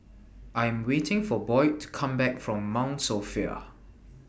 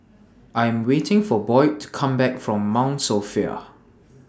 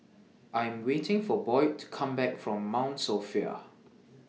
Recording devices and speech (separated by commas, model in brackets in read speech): boundary microphone (BM630), standing microphone (AKG C214), mobile phone (iPhone 6), read sentence